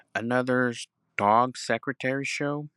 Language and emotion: English, neutral